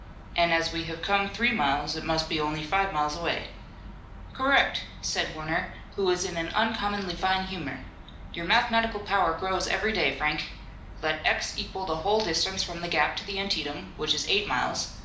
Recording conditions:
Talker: one person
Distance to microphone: 2.0 m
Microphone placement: close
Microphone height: 99 cm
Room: medium-sized (5.7 m by 4.0 m)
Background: none

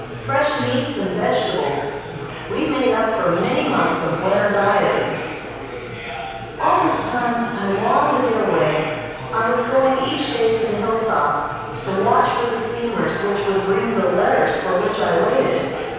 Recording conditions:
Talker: one person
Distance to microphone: 7.1 m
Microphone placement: far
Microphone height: 1.7 m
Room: very reverberant, large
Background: babble

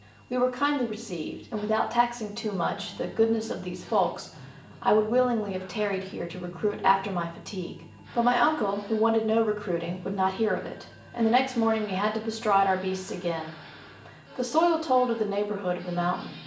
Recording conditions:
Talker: one person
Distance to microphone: 1.8 m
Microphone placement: close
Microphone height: 1.0 m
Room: large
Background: television

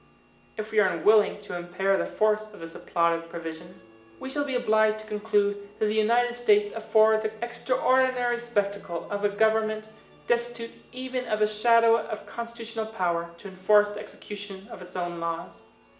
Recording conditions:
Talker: one person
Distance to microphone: 1.8 m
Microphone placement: close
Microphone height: 1.0 m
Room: large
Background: music

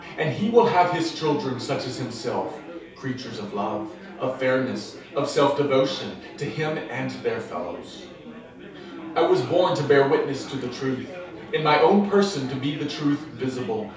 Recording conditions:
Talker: one person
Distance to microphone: 3.0 m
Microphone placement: far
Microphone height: 1.8 m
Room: small (3.7 m by 2.7 m)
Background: babble

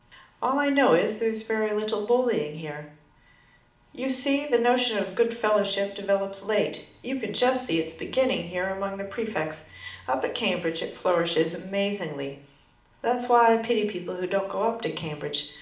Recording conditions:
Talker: one person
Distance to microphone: 2.0 m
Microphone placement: close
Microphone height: 99 cm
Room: medium-sized (5.7 m by 4.0 m)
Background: none

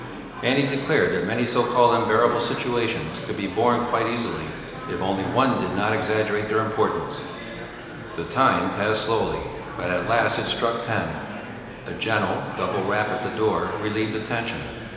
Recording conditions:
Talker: one person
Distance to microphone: 1.7 m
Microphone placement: close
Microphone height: 1.0 m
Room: very reverberant, large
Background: babble

